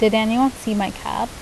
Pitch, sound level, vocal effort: 220 Hz, 81 dB SPL, normal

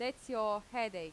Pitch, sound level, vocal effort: 225 Hz, 91 dB SPL, loud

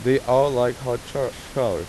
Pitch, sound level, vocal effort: 125 Hz, 90 dB SPL, normal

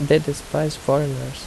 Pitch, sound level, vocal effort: 145 Hz, 78 dB SPL, soft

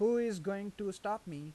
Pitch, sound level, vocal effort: 200 Hz, 92 dB SPL, normal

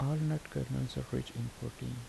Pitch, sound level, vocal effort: 120 Hz, 73 dB SPL, soft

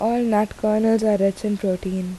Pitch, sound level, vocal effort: 210 Hz, 81 dB SPL, soft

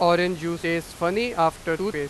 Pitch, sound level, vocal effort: 170 Hz, 98 dB SPL, very loud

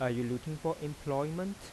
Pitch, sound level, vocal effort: 150 Hz, 86 dB SPL, soft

